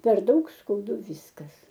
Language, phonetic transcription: Lithuanian, per ˈdaug skauˈdu ˈvyskas

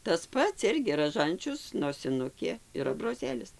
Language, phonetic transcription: Lithuanian, tas ˈpats ˈirgi raˈžančius nosiˈnukė ir abroˈzėlis

